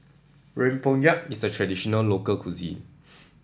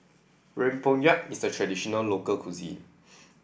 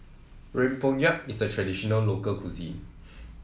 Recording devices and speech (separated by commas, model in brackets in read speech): standing microphone (AKG C214), boundary microphone (BM630), mobile phone (iPhone 7), read sentence